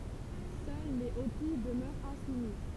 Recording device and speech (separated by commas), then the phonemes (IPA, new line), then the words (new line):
temple vibration pickup, read sentence
sœl le opi dəmœʁt ɛ̃sumi
Seuls les Hopis demeurent insoumis.